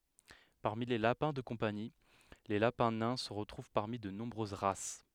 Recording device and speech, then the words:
headset microphone, read sentence
Parmi les lapins de compagnie, les lapins nains se retrouvent parmi de nombreuses races.

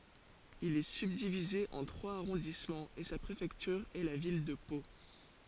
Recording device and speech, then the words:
forehead accelerometer, read sentence
Il est subdivisé en trois arrondissements et sa préfecture est la ville de Pau.

